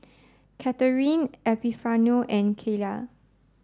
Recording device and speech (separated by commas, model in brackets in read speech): standing microphone (AKG C214), read sentence